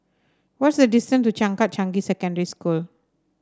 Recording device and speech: standing microphone (AKG C214), read sentence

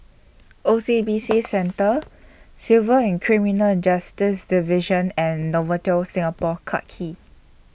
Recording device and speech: boundary microphone (BM630), read sentence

